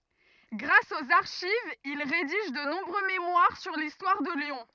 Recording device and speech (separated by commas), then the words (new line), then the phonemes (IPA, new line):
rigid in-ear microphone, read sentence
Grâce aux archives, il rédige de nombreux mémoires sur l'histoire de Lyon.
ɡʁas oz aʁʃivz il ʁediʒ də nɔ̃bʁø memwaʁ syʁ listwaʁ də ljɔ̃